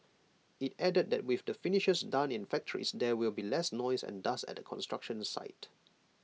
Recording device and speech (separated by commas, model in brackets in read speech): mobile phone (iPhone 6), read sentence